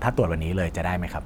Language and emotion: Thai, neutral